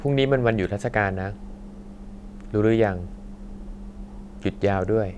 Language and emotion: Thai, neutral